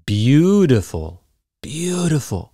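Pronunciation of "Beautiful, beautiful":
In 'beautiful', the t sounds like a d.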